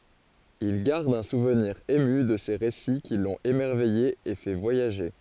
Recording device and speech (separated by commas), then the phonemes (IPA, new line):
forehead accelerometer, read sentence
il ɡaʁd œ̃ suvniʁ emy də se ʁesi ki lɔ̃t emɛʁvɛje e fɛ vwajaʒe